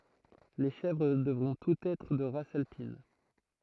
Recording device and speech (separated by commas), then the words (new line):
throat microphone, read sentence
Les chèvres devront toutes être de race alpine.